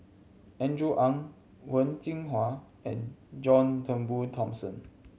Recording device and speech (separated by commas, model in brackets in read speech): mobile phone (Samsung C7100), read sentence